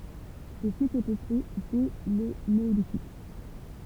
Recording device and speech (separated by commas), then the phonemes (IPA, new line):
temple vibration pickup, read sentence
lə sit ɛ pøple dɛ lə neolitik